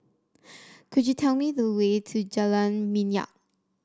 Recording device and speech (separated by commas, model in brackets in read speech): standing microphone (AKG C214), read sentence